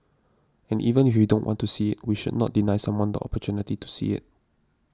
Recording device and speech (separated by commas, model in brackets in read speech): standing microphone (AKG C214), read sentence